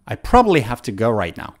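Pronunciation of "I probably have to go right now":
'I probably have to go right now' is said fast.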